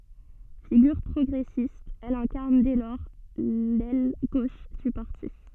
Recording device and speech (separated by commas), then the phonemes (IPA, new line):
soft in-ear microphone, read sentence
fiɡyʁ pʁɔɡʁɛsist ɛl ɛ̃kaʁn dɛ lɔʁ lɛl ɡoʃ dy paʁti